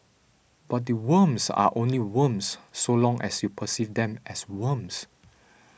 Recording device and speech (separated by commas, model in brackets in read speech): boundary microphone (BM630), read sentence